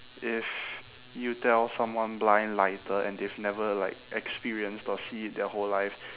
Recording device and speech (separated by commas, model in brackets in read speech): telephone, conversation in separate rooms